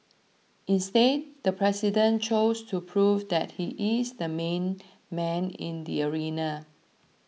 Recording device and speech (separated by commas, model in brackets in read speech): mobile phone (iPhone 6), read sentence